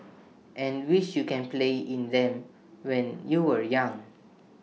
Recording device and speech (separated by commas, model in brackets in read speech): mobile phone (iPhone 6), read sentence